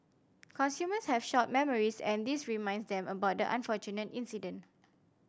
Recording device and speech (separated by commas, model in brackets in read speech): standing microphone (AKG C214), read sentence